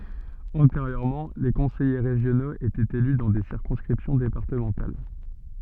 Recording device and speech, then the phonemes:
soft in-ear microphone, read sentence
ɑ̃teʁjøʁmɑ̃ le kɔ̃sɛje ʁeʒjonoz etɛt ely dɑ̃ de siʁkɔ̃skʁipsjɔ̃ depaʁtəmɑ̃tal

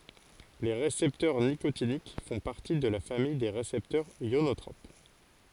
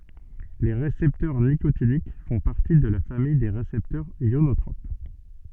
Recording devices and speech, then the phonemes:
forehead accelerometer, soft in-ear microphone, read sentence
le ʁesɛptœʁ nikotinik fɔ̃ paʁti də la famij de ʁesɛptœʁz jonotʁop

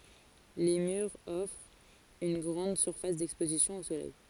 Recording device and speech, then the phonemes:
forehead accelerometer, read sentence
le myʁz ɔfʁt yn ɡʁɑ̃d syʁfas dɛkspozisjɔ̃ o solɛj

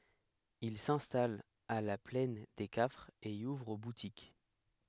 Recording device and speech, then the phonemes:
headset microphone, read sentence
il sɛ̃stalt a la plɛn de kafʁz e i uvʁ butik

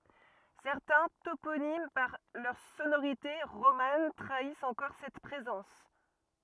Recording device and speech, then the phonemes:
rigid in-ear microphone, read sentence
sɛʁtɛ̃ toponim paʁ lœʁ sonoʁite ʁoman tʁaist ɑ̃kɔʁ sɛt pʁezɑ̃s

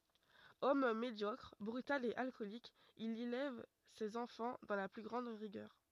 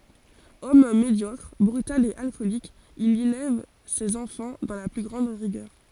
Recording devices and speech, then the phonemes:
rigid in-ear microphone, forehead accelerometer, read sentence
ɔm medjɔkʁ bʁytal e alkɔlik il elɛv sez ɑ̃fɑ̃ dɑ̃ la ply ɡʁɑ̃d ʁiɡœʁ

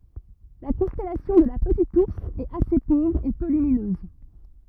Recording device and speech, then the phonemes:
rigid in-ear microphone, read sentence
la kɔ̃stɛlasjɔ̃ də la pətit uʁs ɛt ase povʁ e pø lyminøz

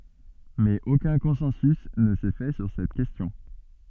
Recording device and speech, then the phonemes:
soft in-ear microphone, read sentence
mɛz okœ̃ kɔ̃sɑ̃sy nə sɛ fɛ syʁ sɛt kɛstjɔ̃

